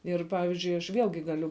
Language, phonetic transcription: Lithuanian, ˈir ˈpavizdžiui aš ˈvielgi ˈgaliu

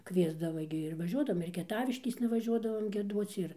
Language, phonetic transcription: Lithuanian, ˈkviesdava gi ir vaˈžiuodavom ir kieˈtaviškėsna vaˈžiuodavom gieˈduoc ir

